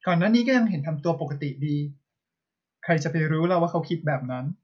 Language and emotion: Thai, neutral